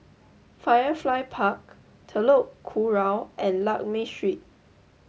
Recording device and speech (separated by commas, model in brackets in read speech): mobile phone (Samsung S8), read sentence